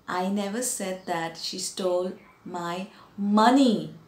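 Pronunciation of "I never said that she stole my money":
In this sentence, the stress is on the word 'money'.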